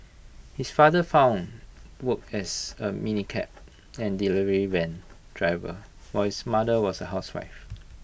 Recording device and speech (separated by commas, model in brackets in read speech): boundary microphone (BM630), read sentence